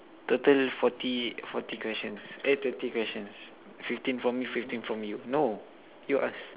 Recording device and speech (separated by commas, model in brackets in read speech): telephone, conversation in separate rooms